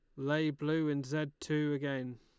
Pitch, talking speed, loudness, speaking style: 150 Hz, 180 wpm, -35 LUFS, Lombard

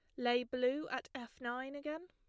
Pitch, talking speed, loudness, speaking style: 255 Hz, 195 wpm, -39 LUFS, plain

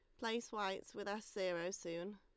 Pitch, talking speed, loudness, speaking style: 200 Hz, 185 wpm, -43 LUFS, Lombard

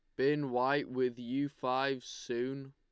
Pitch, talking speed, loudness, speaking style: 130 Hz, 145 wpm, -34 LUFS, Lombard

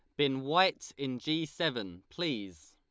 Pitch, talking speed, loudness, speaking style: 140 Hz, 145 wpm, -32 LUFS, Lombard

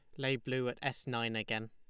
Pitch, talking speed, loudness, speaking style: 125 Hz, 240 wpm, -37 LUFS, Lombard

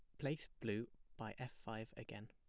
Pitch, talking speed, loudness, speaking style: 115 Hz, 175 wpm, -48 LUFS, plain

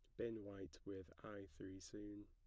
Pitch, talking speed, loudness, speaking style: 100 Hz, 175 wpm, -53 LUFS, plain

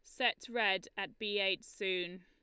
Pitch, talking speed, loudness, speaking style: 200 Hz, 175 wpm, -35 LUFS, Lombard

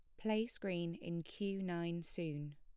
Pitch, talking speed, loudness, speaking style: 170 Hz, 155 wpm, -42 LUFS, plain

